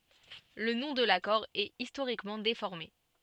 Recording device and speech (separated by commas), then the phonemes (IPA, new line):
soft in-ear microphone, read sentence
lə nɔ̃ də lakɔʁ ɛt istoʁikmɑ̃ defɔʁme